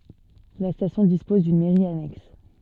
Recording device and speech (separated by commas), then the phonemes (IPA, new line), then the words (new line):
soft in-ear microphone, read sentence
la stasjɔ̃ dispɔz dyn mɛʁi anɛks
La station dispose d'une Mairie annexe.